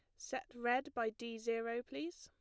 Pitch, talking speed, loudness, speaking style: 240 Hz, 180 wpm, -41 LUFS, plain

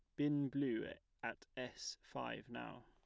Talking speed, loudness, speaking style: 135 wpm, -44 LUFS, plain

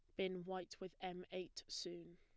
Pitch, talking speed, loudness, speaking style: 185 Hz, 185 wpm, -48 LUFS, plain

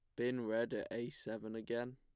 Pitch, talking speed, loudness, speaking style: 120 Hz, 205 wpm, -41 LUFS, plain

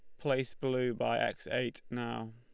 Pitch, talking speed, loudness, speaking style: 120 Hz, 170 wpm, -35 LUFS, Lombard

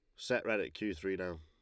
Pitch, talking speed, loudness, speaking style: 90 Hz, 295 wpm, -37 LUFS, Lombard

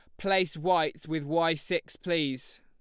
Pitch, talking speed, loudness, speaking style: 165 Hz, 150 wpm, -29 LUFS, Lombard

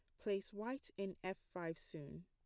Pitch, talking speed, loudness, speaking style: 190 Hz, 175 wpm, -47 LUFS, plain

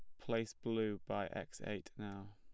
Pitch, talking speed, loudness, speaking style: 105 Hz, 170 wpm, -43 LUFS, plain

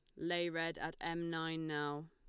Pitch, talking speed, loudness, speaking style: 165 Hz, 190 wpm, -40 LUFS, Lombard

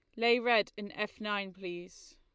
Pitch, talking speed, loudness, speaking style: 210 Hz, 185 wpm, -32 LUFS, Lombard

